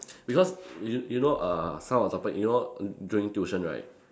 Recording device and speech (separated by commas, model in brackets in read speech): standing microphone, conversation in separate rooms